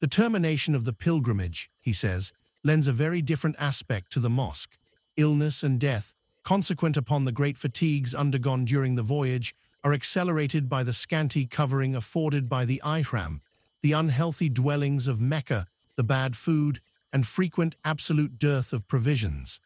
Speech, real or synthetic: synthetic